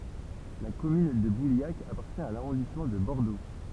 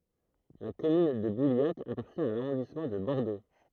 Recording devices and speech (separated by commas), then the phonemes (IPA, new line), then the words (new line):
temple vibration pickup, throat microphone, read sentence
la kɔmyn də buljak apaʁtjɛ̃ a laʁɔ̃dismɑ̃ də bɔʁdo
La commune de Bouliac appartient à l'arrondissement de Bordeaux.